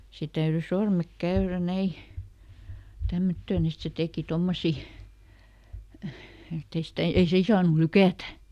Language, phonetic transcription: Finnish, ˈse täyry ˈsormek ˈkäyrä "näi , ˈtämmöttöön ‿et ˈse ˈtèki ˈtommosi , ˈettei stä , ei "siin saanu "lykä̀tä .
- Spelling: se täytyi sormet käydä näin tämmöttöön että se teki tuommoisia että ei sitä ei siinä saanut lykätä

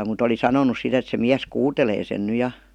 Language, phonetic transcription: Finnish, mut ‿oli "sanonus sit ‿et se 'miäs "kuutelee sen ny 'ja .
- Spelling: mutta oli sanonut sitten että se mies kuutelee sen nyt ja

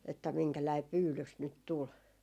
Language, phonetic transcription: Finnish, että 'miŋkäläi "pyylys nyt 'tul .
- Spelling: että minkälainen pyydys nyt tuli

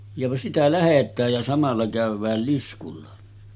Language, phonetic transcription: Finnish, ja » sitä 'lähet̆tääj ja samalla kä̀yv̆vääl 'liskulla « .
- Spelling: ja sitä lähdetään ja samalla käydään liskulla

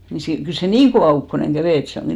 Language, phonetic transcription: Finnish, ni si- , 'kyl se "niiŋ kovà ukkoneŋ 'ɢävè et 'se oŋɢi .
- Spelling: niin - kyllä se niin kova ukkonen kävi että se onkin

